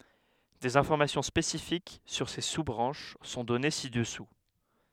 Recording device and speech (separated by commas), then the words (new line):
headset microphone, read sentence
Des informations spécifiques sur ces sous-branches sont données ci-dessous.